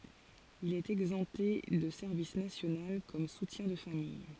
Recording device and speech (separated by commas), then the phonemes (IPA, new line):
forehead accelerometer, read sentence
il ɛt ɛɡzɑ̃pte də sɛʁvis nasjonal kɔm sutjɛ̃ də famij